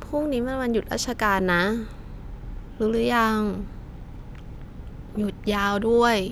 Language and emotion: Thai, frustrated